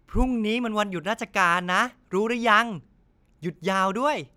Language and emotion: Thai, happy